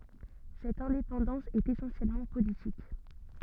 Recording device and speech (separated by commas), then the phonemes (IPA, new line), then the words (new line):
soft in-ear microphone, read sentence
sɛt ɛ̃depɑ̃dɑ̃s ɛt esɑ̃sjɛlmɑ̃ politik
Cette indépendance est essentiellement politique.